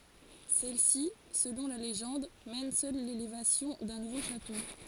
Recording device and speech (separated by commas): forehead accelerometer, read sentence